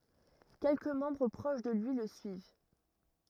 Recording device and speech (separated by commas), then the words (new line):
rigid in-ear microphone, read sentence
Quelques membres proches de lui le suivent.